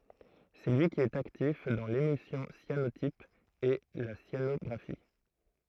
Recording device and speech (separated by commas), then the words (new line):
throat microphone, read sentence
C'est lui qui est actif dans l'émulsion cyanotype et la cyanographie.